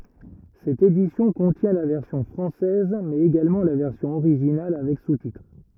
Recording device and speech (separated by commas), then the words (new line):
rigid in-ear microphone, read sentence
Cette édition contient la version française mais également la version originale avec sous-titres.